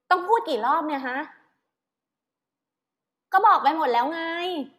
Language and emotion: Thai, frustrated